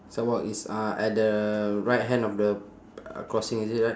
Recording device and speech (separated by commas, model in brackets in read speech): standing microphone, conversation in separate rooms